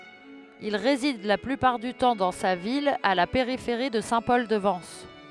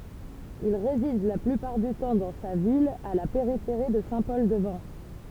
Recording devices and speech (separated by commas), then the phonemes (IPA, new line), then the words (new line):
headset microphone, temple vibration pickup, read sentence
il ʁezid la plypaʁ dy tɑ̃ dɑ̃ sa vila a la peʁifeʁi də sɛ̃ pɔl də vɑ̃s
Il réside la plupart du temps dans sa villa à la périphérie de Saint-Paul-de-Vence.